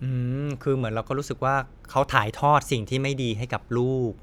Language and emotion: Thai, neutral